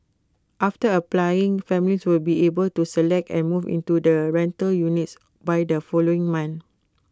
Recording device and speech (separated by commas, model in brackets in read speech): close-talking microphone (WH20), read sentence